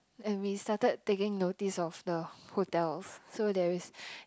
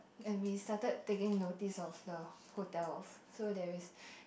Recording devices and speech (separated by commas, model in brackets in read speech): close-talking microphone, boundary microphone, conversation in the same room